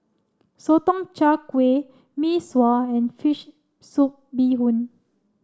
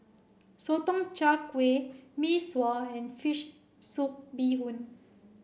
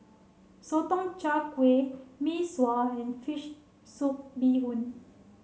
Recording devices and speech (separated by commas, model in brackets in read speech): standing microphone (AKG C214), boundary microphone (BM630), mobile phone (Samsung C7), read sentence